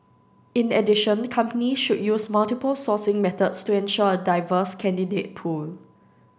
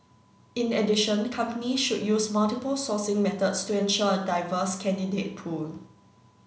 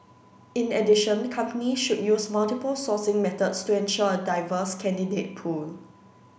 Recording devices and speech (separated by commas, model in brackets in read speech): standing microphone (AKG C214), mobile phone (Samsung C9), boundary microphone (BM630), read sentence